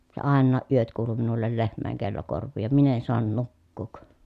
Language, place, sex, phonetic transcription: Finnish, Pielisjärvi, female, se àennaa ʼyöt kuulu minullel lehm̆mä̀eŋ kello korv̆vii ja min ‿en soan nukkuuk .
- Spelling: se aina yöt kuului minulle lehmien kello korviin ja minä en saanut nukkua

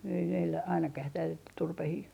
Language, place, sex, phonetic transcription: Finnish, Artjärvi, female, ei meillä 'ainakah ei tääl , 'turpehii ,.
- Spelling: ei meillä ainakaan ei täällä turpeita

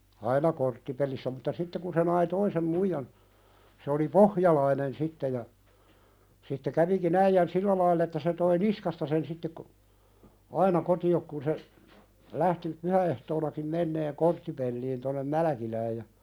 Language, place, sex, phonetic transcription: Finnish, Pälkäne, male, 'aina "korttipelissä mutta 'sitte kun se nai "toisem 'muijan , se oli "pohjalainen 'sitte ja , sitte käviki'n ‿äijän "sillä laill ‿että se toi "niskasta sen sitte ko- , 'aina koti₍ok kun se , 'lähti , 'pyhä₍ehtoonakim menneeŋ "korttipelliin tonnem "Mälᵃ̈kilääj ja ,.
- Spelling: aina korttipelissä mutta sitten kun se nai toisen muijan se oli pohjalainen sitten ja sitten kävikin äijän sillä lailla että se toi niskasta sen sitten - aina kotiin kun se lähti pyhäehtoonakin menemään korttipeliin tuonne Mälkilään ja

